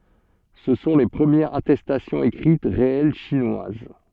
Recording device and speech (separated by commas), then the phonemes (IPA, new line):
soft in-ear microphone, read sentence
sə sɔ̃ le pʁəmjɛʁz atɛstasjɔ̃z ekʁit ʁeɛl ʃinwaz